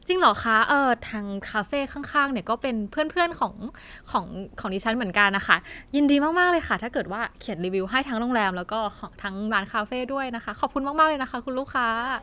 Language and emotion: Thai, happy